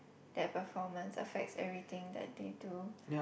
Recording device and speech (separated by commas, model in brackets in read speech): boundary microphone, conversation in the same room